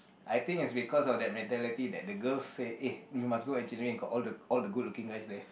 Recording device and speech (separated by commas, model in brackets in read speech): boundary microphone, conversation in the same room